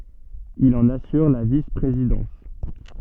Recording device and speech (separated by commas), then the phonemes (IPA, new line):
soft in-ear microphone, read sentence
il ɑ̃n asyʁ la vispʁezidɑ̃s